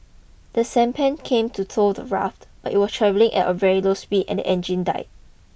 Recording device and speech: boundary microphone (BM630), read sentence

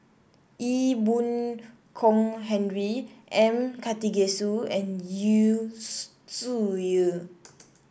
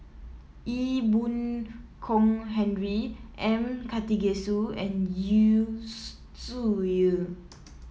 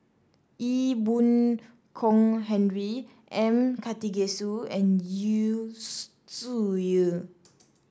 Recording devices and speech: boundary microphone (BM630), mobile phone (iPhone 7), standing microphone (AKG C214), read sentence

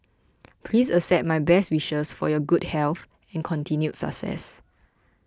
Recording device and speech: close-talking microphone (WH20), read sentence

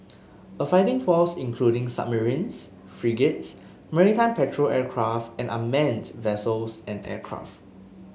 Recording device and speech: mobile phone (Samsung S8), read sentence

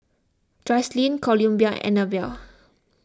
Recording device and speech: close-talking microphone (WH20), read sentence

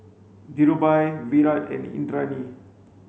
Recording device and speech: mobile phone (Samsung C5), read sentence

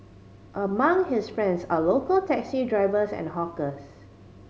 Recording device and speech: mobile phone (Samsung C5010), read sentence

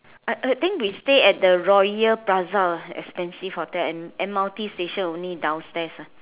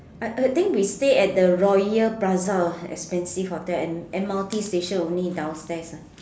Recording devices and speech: telephone, standing microphone, conversation in separate rooms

